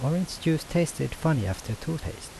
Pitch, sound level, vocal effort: 155 Hz, 78 dB SPL, soft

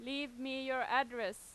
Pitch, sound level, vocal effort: 265 Hz, 94 dB SPL, loud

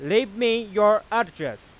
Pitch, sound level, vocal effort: 225 Hz, 100 dB SPL, very loud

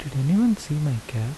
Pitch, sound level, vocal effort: 145 Hz, 77 dB SPL, soft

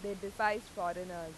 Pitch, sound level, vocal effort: 200 Hz, 92 dB SPL, loud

